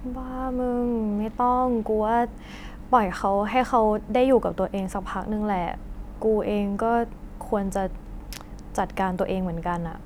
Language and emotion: Thai, frustrated